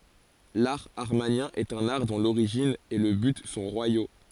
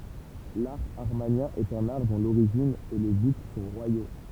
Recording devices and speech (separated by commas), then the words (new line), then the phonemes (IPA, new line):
forehead accelerometer, temple vibration pickup, read sentence
L'art amarnien est un art dont l'origine et le but sont royaux.
laʁ amaʁnjɛ̃ ɛt œ̃n aʁ dɔ̃ loʁiʒin e lə byt sɔ̃ ʁwajo